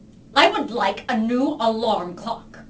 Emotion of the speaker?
disgusted